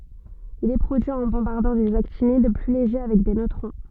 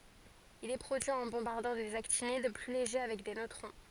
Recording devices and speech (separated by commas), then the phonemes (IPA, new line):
soft in-ear microphone, forehead accelerometer, read sentence
il ɛ pʁodyi ɑ̃ bɔ̃baʁdɑ̃ dez aktinid ply leʒe avɛk de nøtʁɔ̃